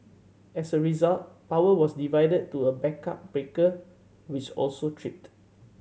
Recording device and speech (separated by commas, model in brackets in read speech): mobile phone (Samsung C7100), read sentence